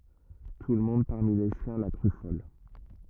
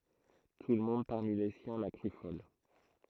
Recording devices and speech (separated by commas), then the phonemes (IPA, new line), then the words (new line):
rigid in-ear microphone, throat microphone, read sentence
tulmɔ̃d paʁmi le sjɛ̃ la kʁy fɔl
Tout le monde, parmi les siens, la crut folle.